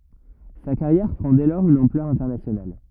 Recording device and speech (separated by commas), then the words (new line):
rigid in-ear microphone, read sentence
Sa carrière prend dès lors une ampleur internationale.